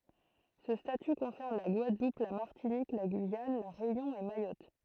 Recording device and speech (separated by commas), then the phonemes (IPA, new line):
throat microphone, read sentence
sə staty kɔ̃sɛʁn la ɡwadlup la maʁtinik la ɡyijan la ʁeynjɔ̃ e majɔt